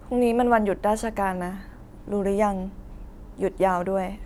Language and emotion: Thai, neutral